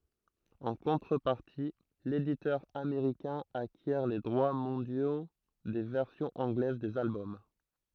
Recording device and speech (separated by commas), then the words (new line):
throat microphone, read sentence
En contrepartie, l'éditeur américain acquiert les droits mondiaux des versions anglaises des albums.